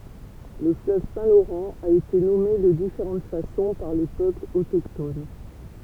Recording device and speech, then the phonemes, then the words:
temple vibration pickup, read sentence
lə fløv sɛ̃ loʁɑ̃ a ete nɔme də difeʁɑ̃t fasɔ̃ paʁ le pøplz otokton
Le fleuve Saint-Laurent a été nommé de différentes façons par les peuples autochtones.

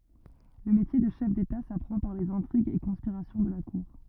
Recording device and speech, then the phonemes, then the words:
rigid in-ear microphone, read sentence
lə metje də ʃɛf deta sapʁɑ̃ paʁ lez ɛ̃tʁiɡz e kɔ̃spiʁasjɔ̃ də la kuʁ
Le métier de chef d'État s'apprend par les intrigues et conspirations de la cour.

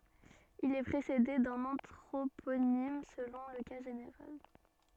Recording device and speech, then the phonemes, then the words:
soft in-ear microphone, read sentence
il ɛ pʁesede dœ̃n ɑ̃tʁoponim səlɔ̃ lə ka ʒeneʁal
Il est précédé d’un anthroponyme selon le cas général.

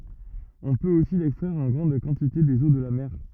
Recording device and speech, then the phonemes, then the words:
rigid in-ear microphone, read sentence
ɔ̃ pøt osi lɛkstʁɛʁ ɑ̃ ɡʁɑ̃d kɑ̃tite dez o də la mɛʁ
On peut aussi l'extraire en grande quantité des eaux de la mer.

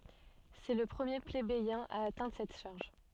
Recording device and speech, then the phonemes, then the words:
soft in-ear microphone, read sentence
sɛ lə pʁəmje plebejɛ̃ a atɛ̃dʁ sɛt ʃaʁʒ
C'est le premier plébéien à atteindre cette charge.

